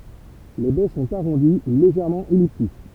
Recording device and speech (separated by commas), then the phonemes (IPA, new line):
temple vibration pickup, read sentence
le bɛ sɔ̃t aʁɔ̃di u leʒɛʁmɑ̃ ɛliptik